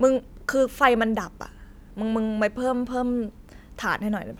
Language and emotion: Thai, neutral